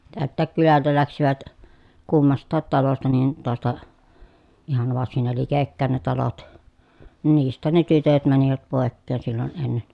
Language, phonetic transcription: Finnish, tält̆tääk kylältä läksivät , kummast̆taat talosta nin , toasta , ihan varsin ne likekkä̀en ne talot , nin niist̆tään ne tytöt mänivät pòekkeen sillon ennen .
- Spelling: täältäkin kylältä lähtivät kummastakin talosta niin taasta ihan varsin ne likekkäin ne talot niin niistähän ne tytöt menivät pois silloin ennen

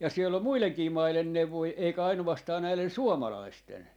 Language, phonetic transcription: Finnish, ja siel̆l ‿om̆ 'muileŋkii 'mailen 'neuvoi eikä 'ainuvastaa näilen "suomalaisten .
- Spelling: ja siellä on muidenkin maiden neuvoja eikä ainoastaan näiden suomalaisten

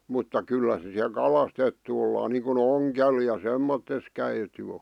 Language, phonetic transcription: Finnish, mutta 'kyllä (se) siä "kalastettu ollaan niiŋku"n ‿oŋkel ja "semmottes 'käitu̳ o .
- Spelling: mutta kyllä se siellä kalastettu ollaan niin kuin ongella ja semmoisessa käyty on

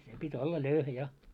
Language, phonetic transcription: Finnish, 'se pi't́ ‿olla 'löyhä ja .
- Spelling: se piti olla löyhä ja

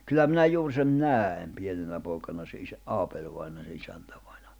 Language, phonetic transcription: Finnish, kyllä minä 'juur sen "nääi̬m 'pienenä pooᵉkana se isä- , "Aapeĺvaina se 'isäntäᴠᴀɪɴᴀ .
- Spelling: kyllä minä juuri sen näin pienenä poikana sen - Aapeli-vainajan se isäntävainajan

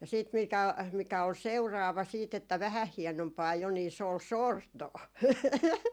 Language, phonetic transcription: Finnish, ja siit mikä , mikä ol "seuraava 'siit ‿että "vähäh 'hienompaa jo ni , se ‿ol "sortoo .
- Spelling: ja sitten mikä mikä oli seuraava siitä että vähän hienompaa jo niin se oli sortoa

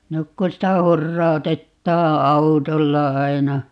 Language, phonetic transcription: Finnish, 'nyk kun sitä 'hurrau̬tettaa "autolla 'aina .
- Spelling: nyt kun sitä hurautetaan autolla aina

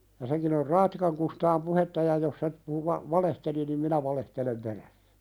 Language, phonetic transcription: Finnish, ja seŋkin ‿or "Raattikaŋ Kustaam 'puhetta ja jos se , puhu va- , 'valehteli nim "minä valehtelem 'perässᴀ̈ .
- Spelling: ja senkin jos Raattikan Kustaan puhetta ja jos se puhui - valehteli niin minä valehtelen perässä

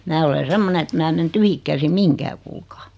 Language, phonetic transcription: Finnish, 'mää ole 'semmone et 'mää (e) men 'tyhik käsim "miŋkää kuulkaa .
- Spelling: minä olen semmoinen että minä en mene tyhjin käsin mihinkään kuulkaa

